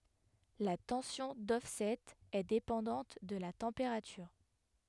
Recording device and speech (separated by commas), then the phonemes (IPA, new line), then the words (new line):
headset microphone, read sentence
la tɑ̃sjɔ̃ dɔfsɛt ɛ depɑ̃dɑ̃t də la tɑ̃peʁatyʁ
La tension d'offset est dépendante de la température.